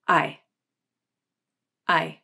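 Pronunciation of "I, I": The I vowel is said as it would be in an unstressed syllable: at a lower pitch, with a flatter shape, and quicker.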